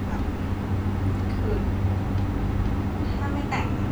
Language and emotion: Thai, frustrated